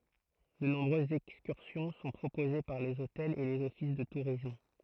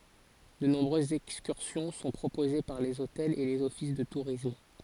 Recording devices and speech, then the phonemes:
throat microphone, forehead accelerometer, read sentence
də nɔ̃bʁøzz ɛkskyʁsjɔ̃ sɔ̃ pʁopoze paʁ lez otɛlz e lez ɔfis də tuʁism

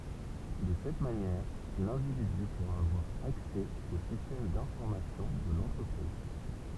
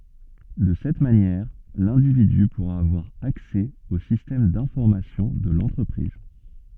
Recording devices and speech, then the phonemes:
temple vibration pickup, soft in-ear microphone, read sentence
də sɛt manjɛʁ lɛ̃dividy puʁa avwaʁ aksɛ o sistɛm dɛ̃fɔʁmasjɔ̃ də lɑ̃tʁəpʁiz

